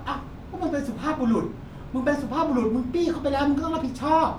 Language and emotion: Thai, frustrated